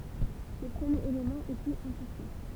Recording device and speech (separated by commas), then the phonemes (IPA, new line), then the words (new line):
temple vibration pickup, read sentence
lə pʁəmjeʁ elemɑ̃ ɛ plyz ɛ̃sɛʁtɛ̃
Le premier élément est plus incertain.